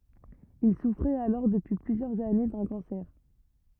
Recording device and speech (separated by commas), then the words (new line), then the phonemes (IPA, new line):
rigid in-ear microphone, read sentence
Il souffrait alors depuis plusieurs années d’un cancer.
il sufʁɛt alɔʁ dəpyi plyzjœʁz ane dœ̃ kɑ̃sɛʁ